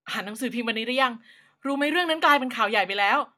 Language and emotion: Thai, happy